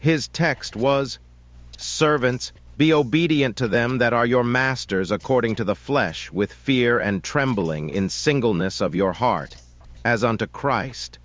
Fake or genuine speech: fake